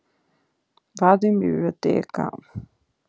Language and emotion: Italian, sad